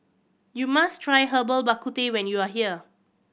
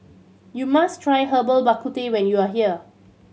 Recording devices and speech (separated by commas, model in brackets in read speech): boundary microphone (BM630), mobile phone (Samsung C7100), read sentence